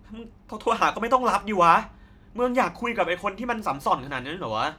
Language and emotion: Thai, angry